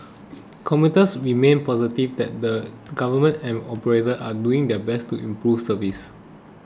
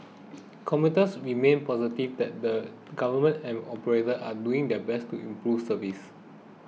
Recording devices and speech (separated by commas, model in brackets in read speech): close-talking microphone (WH20), mobile phone (iPhone 6), read sentence